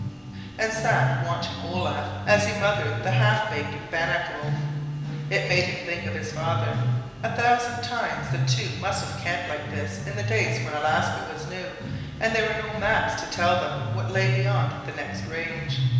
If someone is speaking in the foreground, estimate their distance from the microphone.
1.7 m.